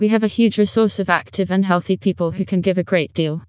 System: TTS, vocoder